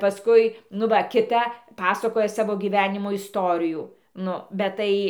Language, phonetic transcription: Lithuanian, paˈskui nu ˈva kiˈta ˈpasakoja ˈsavo gyˈvenimo isˈtorijų ˈnu bet ˈtai

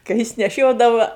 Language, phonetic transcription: Lithuanian, ka ˈjis neˈšiodava

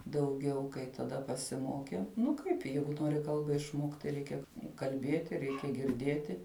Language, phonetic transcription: Lithuanian, dauˈgiau kai taˈda pasiˈmokiau ˈnu ˈkaip ˈjeigu ˈnori ˈkalba išˈmokt tai ˈreikia kalˈbieti ˈreikia girˈdieti

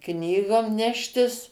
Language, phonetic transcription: Lithuanian, ˈknygom ˈneštis

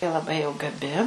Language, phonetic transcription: Lithuanian, ji laˈbai jau gaˈbi

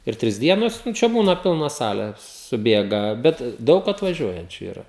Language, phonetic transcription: Lithuanian, ir ˈtris ˈdienos nu ˈčia ˈbūna ˈpilna ˈsale suˈbėga bet ˈdaug atvaˈžiuojančiu yˈra

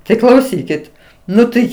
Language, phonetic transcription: Lithuanian, tai klauˈsykit ˈnu tai

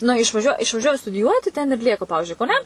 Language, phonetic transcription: Lithuanian, na išvaˈžiuo išvaˈžiuoja studiˈjuoti ten ir ˈlieka ˈpavižiui kauˈne

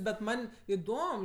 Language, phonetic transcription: Lithuanian, bet ˈman' iˈdom

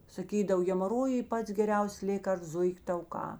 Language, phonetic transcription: Lithuanian, saˈkydav hemaˈrojui ˈpats geˈriausės ˈlėkarsts ˈzuik' tauˈkā

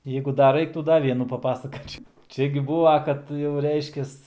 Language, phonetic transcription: Lithuanian, ˈjeigu dar ˈraiktų ˈda ˈvienų paˈpasakočiau ˈčia gi ˈbūva kad jau ˈreiškias

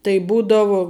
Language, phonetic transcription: Lithuanian, tai ˈbūdavu

